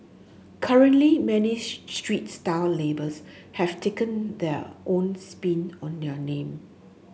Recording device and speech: mobile phone (Samsung S8), read sentence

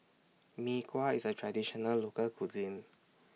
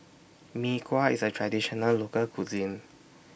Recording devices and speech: mobile phone (iPhone 6), boundary microphone (BM630), read sentence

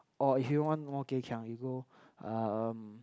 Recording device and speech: close-talking microphone, conversation in the same room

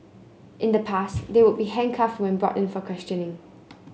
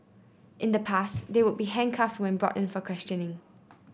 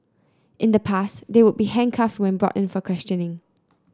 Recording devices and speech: mobile phone (Samsung C9), boundary microphone (BM630), close-talking microphone (WH30), read sentence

